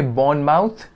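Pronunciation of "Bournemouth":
'Bournemouth' is pronounced incorrectly here.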